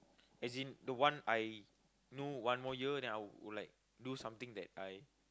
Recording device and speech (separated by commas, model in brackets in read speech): close-talking microphone, conversation in the same room